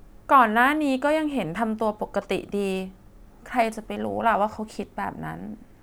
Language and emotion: Thai, sad